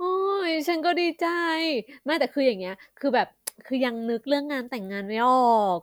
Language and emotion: Thai, happy